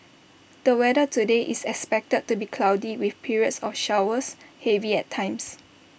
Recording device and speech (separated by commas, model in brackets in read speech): boundary microphone (BM630), read sentence